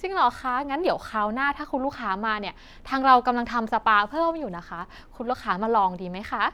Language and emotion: Thai, happy